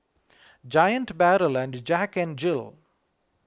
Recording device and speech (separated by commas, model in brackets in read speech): close-talking microphone (WH20), read sentence